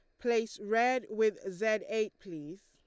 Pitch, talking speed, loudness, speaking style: 220 Hz, 145 wpm, -32 LUFS, Lombard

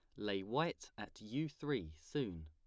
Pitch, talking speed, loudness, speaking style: 105 Hz, 160 wpm, -42 LUFS, plain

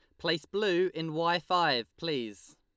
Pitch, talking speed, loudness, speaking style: 165 Hz, 150 wpm, -30 LUFS, Lombard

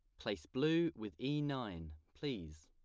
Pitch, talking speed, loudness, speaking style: 105 Hz, 145 wpm, -40 LUFS, plain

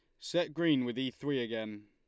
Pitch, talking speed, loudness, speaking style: 130 Hz, 215 wpm, -34 LUFS, Lombard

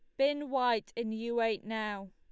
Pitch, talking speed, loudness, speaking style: 230 Hz, 190 wpm, -33 LUFS, Lombard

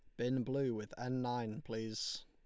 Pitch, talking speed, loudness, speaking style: 120 Hz, 175 wpm, -40 LUFS, Lombard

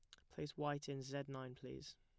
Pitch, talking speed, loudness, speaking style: 135 Hz, 215 wpm, -47 LUFS, plain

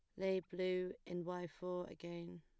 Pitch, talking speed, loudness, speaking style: 180 Hz, 165 wpm, -44 LUFS, plain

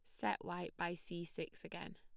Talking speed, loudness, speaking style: 205 wpm, -44 LUFS, plain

